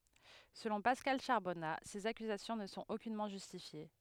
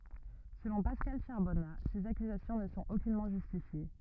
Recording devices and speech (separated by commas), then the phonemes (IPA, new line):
headset microphone, rigid in-ear microphone, read sentence
səlɔ̃ paskal ʃaʁbɔna sez akyzasjɔ̃ nə sɔ̃t okynmɑ̃ ʒystifje